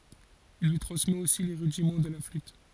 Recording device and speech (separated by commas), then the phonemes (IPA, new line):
forehead accelerometer, read sentence
il lyi tʁɑ̃smɛt osi le ʁydimɑ̃ də la flyt